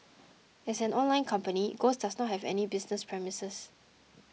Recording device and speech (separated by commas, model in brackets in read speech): mobile phone (iPhone 6), read sentence